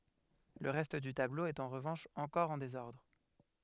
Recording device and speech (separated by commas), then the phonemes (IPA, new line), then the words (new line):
headset microphone, read sentence
lə ʁɛst dy tablo ɛt ɑ̃ ʁəvɑ̃ʃ ɑ̃kɔʁ ɑ̃ dezɔʁdʁ
Le reste du tableau est en revanche encore en désordre.